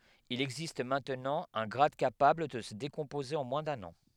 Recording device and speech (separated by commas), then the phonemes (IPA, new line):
headset microphone, read sentence
il ɛɡzist mɛ̃tnɑ̃ œ̃ ɡʁad kapabl də sə dekɔ̃poze ɑ̃ mwɛ̃ dœ̃n ɑ̃